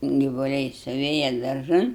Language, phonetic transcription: Lithuanian, givuˈliai suˈvėja darˈžan

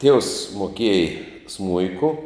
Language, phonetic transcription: Lithuanian, tievs moˈkiej ˈsmuiku

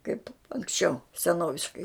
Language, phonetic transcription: Lithuanian, kaip anksˈčiau seˈnoviškai

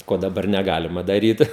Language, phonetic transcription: Lithuanian, ˈko daˈbar neˈgalima daˈryt

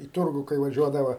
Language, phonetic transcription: Lithuanian, į ˈturgu kai vaˈžiuodava

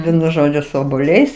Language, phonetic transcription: Lithuanian, ˈvienu ˈžodžiu su obuoˈliais

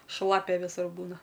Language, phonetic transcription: Lithuanian, ˈšlapia ˈvisur ˈbūna

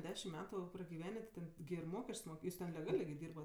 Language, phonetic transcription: Lithuanian, ˈdešim ˈmetu pragiˈvenė ti ˈten gi ir ˈmokesč's' ˈmok ˈjūs ten leˈgalė gi ˈdyrbat

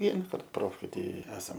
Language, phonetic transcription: Lithuanian, ˈvienakart ˈprofkėj ˈtai ˈesam

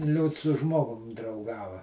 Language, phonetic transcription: Lithuanian, ˈliūts su ˈžmogum drauˈgava

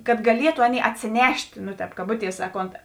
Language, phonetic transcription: Lithuanian, kad gaˈlietu ˈaˌnėi atsėˈnešt' nu ˈtēp kaˈbuˌties ˈsaˌkont

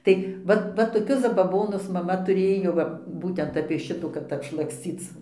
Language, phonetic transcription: Lithuanian, ˈtai ˈvat ˈva toˈkius zabaˈbonus maˈma tuˈrėjo ˈva ˈbūtent apie ˈšitų kad apšlaksˈcyc

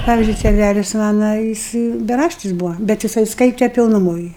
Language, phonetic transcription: Lithuanian, ˈpavyzdžiui seˈnælis ˈmana ˈjis beˈraštis ˈbūva bet jiˈsai ˈskaite pilnuˈmoj

